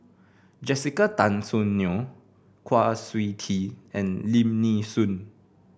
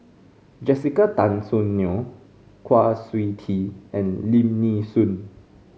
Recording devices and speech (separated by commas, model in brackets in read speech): boundary microphone (BM630), mobile phone (Samsung C5), read sentence